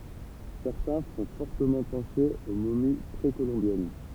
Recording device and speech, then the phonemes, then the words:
temple vibration pickup, read sentence
sɛʁtɛ̃ fɔ̃ fɔʁtəmɑ̃ pɑ̃se o momi pʁekolɔ̃bjɛn
Certains font fortement penser aux momies précolombiennes.

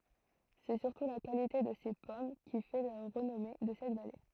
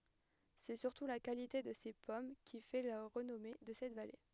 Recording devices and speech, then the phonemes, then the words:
throat microphone, headset microphone, read sentence
sɛ syʁtu la kalite də se pɔm ki fɛ la ʁənɔme də sɛt vale
C'est surtout la qualité de ses pommes qui fait la renommée de cette vallée.

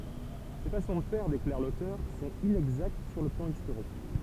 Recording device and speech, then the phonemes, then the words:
temple vibration pickup, read sentence
se fasɔ̃ də fɛʁ deklaʁ lotœʁ sɔ̃t inɛɡzakt syʁ lə plɑ̃ istoʁik
Ces façons de faire, déclare l'auteur, sont inexactes sur le plan historique.

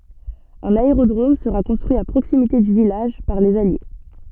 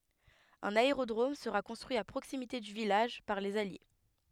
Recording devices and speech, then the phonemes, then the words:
soft in-ear microphone, headset microphone, read sentence
œ̃n aeʁodʁom səʁa kɔ̃stʁyi a pʁoksimite dy vilaʒ paʁ lez alje
Un aérodrome sera construit à proximité du village par les Alliés.

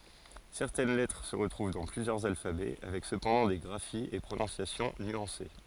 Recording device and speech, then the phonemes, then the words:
forehead accelerometer, read sentence
sɛʁtɛn lɛtʁ sə ʁətʁuv dɑ̃ plyzjœʁz alfabɛ avɛk səpɑ̃dɑ̃ de ɡʁafiz e pʁonɔ̃sjasjɔ̃ nyɑ̃se
Certaines lettres se retrouvent dans plusieurs alphabets, avec cependant des graphies et prononciations nuancées.

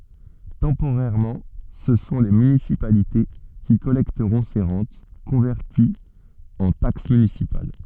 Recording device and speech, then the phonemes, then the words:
soft in-ear microphone, read sentence
tɑ̃poʁɛʁmɑ̃ sə sɔ̃ le mynisipalite ki kɔlɛktəʁɔ̃ se ʁɑ̃t kɔ̃vɛʁtiz ɑ̃ taks mynisipal
Temporairement, ce sont les municipalités qui collecteront ces rentes, converties en taxes municipales.

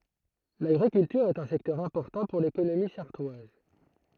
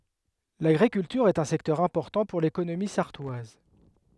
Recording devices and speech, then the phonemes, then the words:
throat microphone, headset microphone, read sentence
laɡʁikyltyʁ ɛt œ̃ sɛktœʁ ɛ̃pɔʁtɑ̃ puʁ lekonomi saʁtwaz
L'agriculture est un secteur important pour l'économie sarthoise.

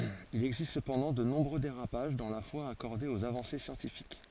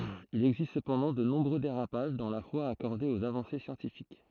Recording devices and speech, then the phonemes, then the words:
forehead accelerometer, throat microphone, read sentence
il ɛɡzist səpɑ̃dɑ̃ də nɔ̃bʁø deʁapaʒ dɑ̃ la fwa akɔʁde oz avɑ̃se sjɑ̃tifik
Il existe cependant de nombreux dérapages dans la foi accordée aux avancées scientifiques.

